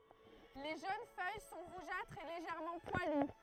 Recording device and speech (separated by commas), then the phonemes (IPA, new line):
throat microphone, read sentence
le ʒøn fœj sɔ̃ ʁuʒatʁz e leʒɛʁmɑ̃ pwaly